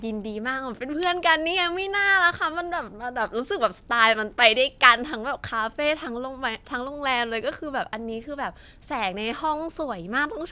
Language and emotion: Thai, happy